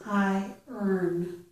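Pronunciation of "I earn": It is said as 'I' followed by an er sound, 'I earn', not 'I run'. This is an American English pronunciation.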